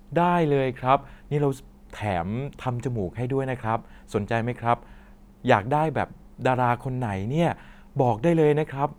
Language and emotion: Thai, happy